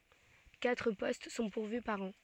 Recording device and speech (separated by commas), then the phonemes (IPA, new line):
soft in-ear microphone, read sentence
katʁ pɔst sɔ̃ puʁvy paʁ ɑ̃